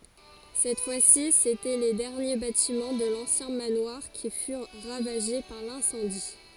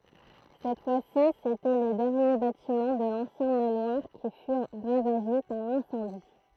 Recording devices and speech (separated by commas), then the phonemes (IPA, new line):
forehead accelerometer, throat microphone, read sentence
sɛt fwa si setɛ le dɛʁnje batimɑ̃ də lɑ̃sjɛ̃ manwaʁ ki fyʁ ʁavaʒe paʁ lɛ̃sɑ̃di